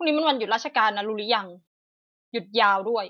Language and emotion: Thai, frustrated